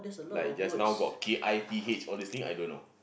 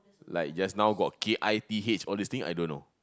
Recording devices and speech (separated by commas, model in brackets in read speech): boundary microphone, close-talking microphone, conversation in the same room